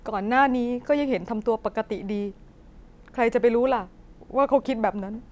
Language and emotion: Thai, sad